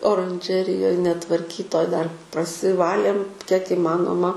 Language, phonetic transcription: Lithuanian, oranˈžerijoj netvarˈkytoj dar prasiˈvalėm kiek įˈmanoma

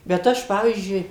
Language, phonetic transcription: Lithuanian, bet ˈaš ˈpavyzdžiui

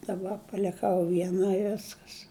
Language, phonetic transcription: Lithuanian, daˈba paliˈkau vieˈna i ˈviskas

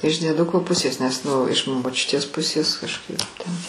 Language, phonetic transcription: Lithuanian, iš dieˈduko ˈpusės nes ˈnu iš moˈčiutės ˈpusės kažˈkaip ten

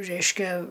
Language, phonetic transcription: Lithuanian, ˈreiškia

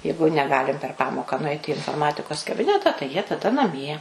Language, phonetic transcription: Lithuanian, ˈjeigu neˈgalim per ˈpamoką nuˈaiti i inforˈmatikos kaˈbineta tai jie taˈda naˈmie

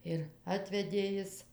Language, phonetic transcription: Lithuanian, ir ˈatvedė ˈjis

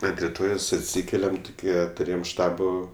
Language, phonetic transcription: Lithuanian, ant riˈtojos atˈsykeliam tuˈkie tuˈrėjem ˈštabo

